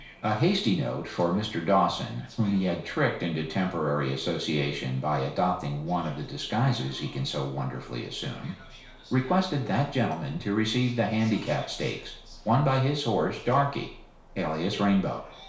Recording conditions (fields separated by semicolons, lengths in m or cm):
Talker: one person; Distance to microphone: 1.0 m; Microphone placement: close; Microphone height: 1.1 m; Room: small (3.7 m by 2.7 m); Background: television